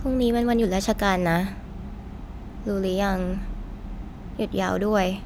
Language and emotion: Thai, frustrated